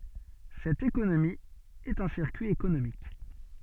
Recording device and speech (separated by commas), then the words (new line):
soft in-ear microphone, read sentence
Cette économie est un circuit économique.